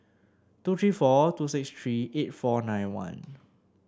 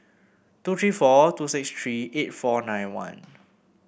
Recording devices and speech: standing microphone (AKG C214), boundary microphone (BM630), read sentence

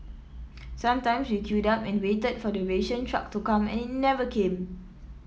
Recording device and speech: mobile phone (iPhone 7), read sentence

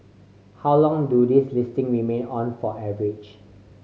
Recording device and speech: mobile phone (Samsung C5010), read sentence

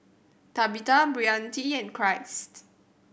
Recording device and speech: boundary microphone (BM630), read sentence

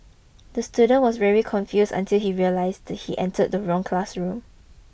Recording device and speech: boundary microphone (BM630), read sentence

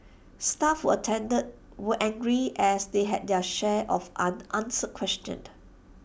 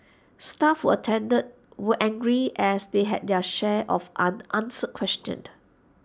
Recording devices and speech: boundary microphone (BM630), standing microphone (AKG C214), read sentence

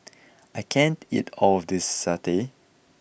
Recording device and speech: boundary microphone (BM630), read sentence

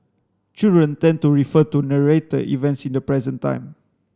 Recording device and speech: standing microphone (AKG C214), read sentence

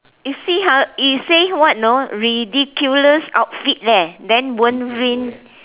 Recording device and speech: telephone, conversation in separate rooms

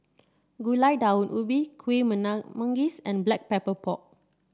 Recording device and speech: standing microphone (AKG C214), read sentence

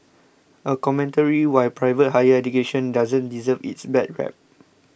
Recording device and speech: boundary microphone (BM630), read sentence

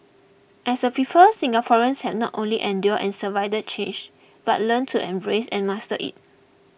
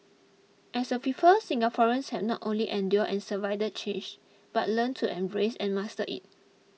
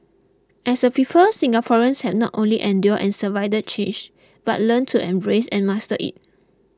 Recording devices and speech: boundary microphone (BM630), mobile phone (iPhone 6), close-talking microphone (WH20), read sentence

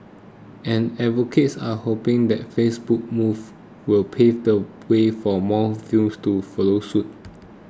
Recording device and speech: close-talking microphone (WH20), read sentence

